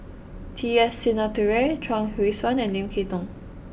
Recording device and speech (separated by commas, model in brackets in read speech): boundary microphone (BM630), read sentence